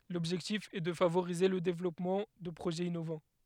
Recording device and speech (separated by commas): headset microphone, read sentence